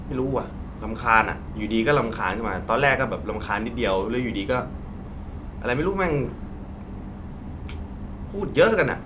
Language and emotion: Thai, frustrated